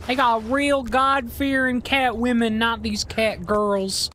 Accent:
Southern Accent